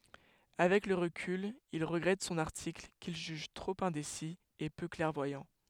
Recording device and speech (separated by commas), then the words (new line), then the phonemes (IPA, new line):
headset microphone, read sentence
Avec le recul, il regrette son article, qu'il juge trop indécis et peu clairvoyant.
avɛk lə ʁəkyl il ʁəɡʁɛt sɔ̃n aʁtikl kil ʒyʒ tʁop ɛ̃desi e pø klɛʁvwajɑ̃